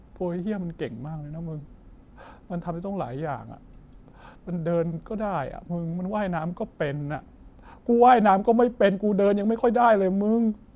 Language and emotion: Thai, frustrated